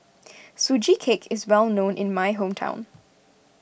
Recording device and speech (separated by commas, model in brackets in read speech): boundary microphone (BM630), read sentence